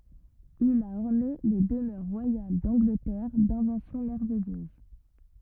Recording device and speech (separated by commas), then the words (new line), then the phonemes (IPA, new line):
rigid in-ear microphone, read sentence
Il a orné les demeures royales d’Angleterre d’inventions merveilleuses.
il a ɔʁne le dəmœʁ ʁwajal dɑ̃ɡlətɛʁ dɛ̃vɑ̃sjɔ̃ mɛʁvɛjøz